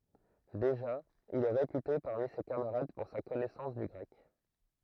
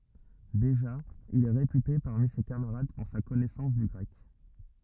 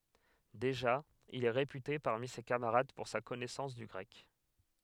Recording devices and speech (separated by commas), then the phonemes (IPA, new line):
throat microphone, rigid in-ear microphone, headset microphone, read sentence
deʒa il ɛ ʁepyte paʁmi se kamaʁad puʁ sa kɔnɛsɑ̃s dy ɡʁɛk